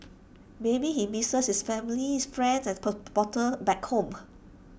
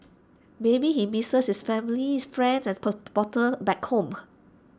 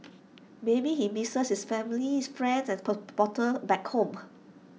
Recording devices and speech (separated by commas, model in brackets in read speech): boundary microphone (BM630), standing microphone (AKG C214), mobile phone (iPhone 6), read sentence